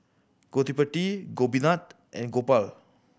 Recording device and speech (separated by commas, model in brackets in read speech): boundary microphone (BM630), read sentence